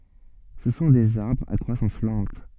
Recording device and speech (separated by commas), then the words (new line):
soft in-ear microphone, read sentence
Ce sont des arbres à croissance lente.